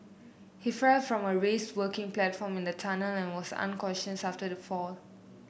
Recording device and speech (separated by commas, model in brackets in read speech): boundary microphone (BM630), read sentence